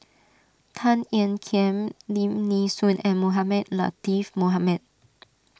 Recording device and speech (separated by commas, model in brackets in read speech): standing microphone (AKG C214), read sentence